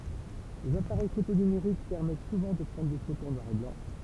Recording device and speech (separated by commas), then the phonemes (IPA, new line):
temple vibration pickup, read sentence
lez apaʁɛj foto nymeʁik pɛʁmɛt suvɑ̃ də pʁɑ̃dʁ de fotoz ɑ̃ nwaʁ e blɑ̃